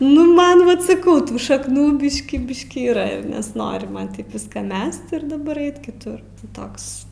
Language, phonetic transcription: Lithuanian, nu ˈman ˈvat saˈkau ˈtų šakˈnų ˈbiškį ˈbiškį yˈra ir nesˈnori ˈman ˈviską ˈmest ir daˈbar ˈeit kiˈtur ˈtoks

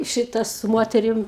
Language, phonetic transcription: Lithuanian, ˈšita su ˈmoterim

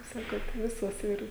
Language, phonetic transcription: Lithuanian, kaip ˈsakot ˈvisos ˈir

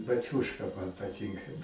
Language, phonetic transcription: Lithuanian, baˈciūška man paˈtinka

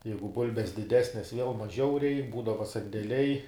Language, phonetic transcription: Lithuanian, ˈjeigu ˈbulbes diˈdesnes viel maˈžiau ˈreik ˈbūdava sandeˈliai

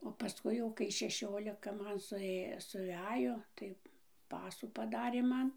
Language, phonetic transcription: Lithuanian, o paˈskui jau kai šeˈšiolika ˈman suˈė suˈvejo tai ˈpasų paˈdarė ˈman

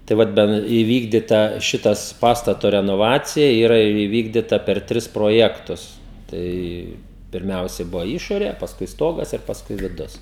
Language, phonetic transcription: Lithuanian, tai ˈvat ˈben įˈvykdita ˈšitas ˈpastato renoˈvacija ˈyra įˈvykdita per ˈtris proˈjektus ˈtai pirˈmiausiai ˈbuvo ˈišorė pasˈkui ˈstogas ir pasˈkui viˈdus

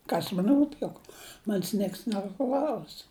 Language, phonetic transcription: Lithuanian, ˈkas man ˈrūp juk ˈman's' ˈnieks neˈklaus

